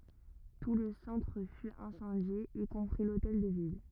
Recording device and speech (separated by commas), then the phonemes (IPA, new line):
rigid in-ear microphone, read sentence
tu lə sɑ̃tʁ fy ɛ̃sɑ̃dje i kɔ̃pʁi lotɛl də vil